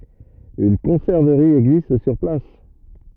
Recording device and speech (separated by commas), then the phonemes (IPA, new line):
rigid in-ear microphone, read sentence
yn kɔ̃sɛʁvəʁi ɛɡzist syʁ plas